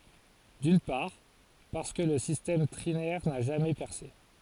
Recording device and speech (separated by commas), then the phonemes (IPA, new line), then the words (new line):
forehead accelerometer, read sentence
dyn paʁ paʁskə lə sistɛm tʁinɛʁ na ʒamɛ pɛʁse
D'une part, parce que le système trinaire n'a jamais percé.